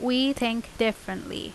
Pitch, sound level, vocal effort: 240 Hz, 85 dB SPL, loud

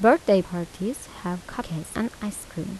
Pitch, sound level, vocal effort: 200 Hz, 81 dB SPL, soft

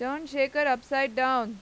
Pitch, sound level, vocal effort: 270 Hz, 95 dB SPL, loud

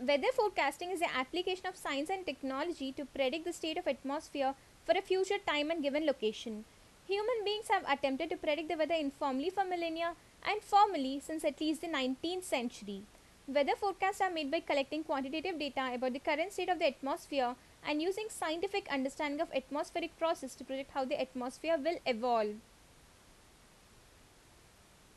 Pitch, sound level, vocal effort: 300 Hz, 83 dB SPL, loud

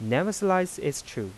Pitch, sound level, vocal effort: 145 Hz, 87 dB SPL, soft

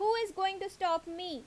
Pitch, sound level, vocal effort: 380 Hz, 89 dB SPL, loud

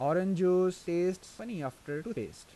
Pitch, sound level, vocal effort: 180 Hz, 87 dB SPL, normal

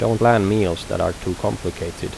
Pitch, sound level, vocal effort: 95 Hz, 81 dB SPL, normal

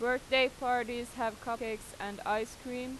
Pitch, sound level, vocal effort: 240 Hz, 92 dB SPL, loud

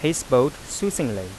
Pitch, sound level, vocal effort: 140 Hz, 90 dB SPL, normal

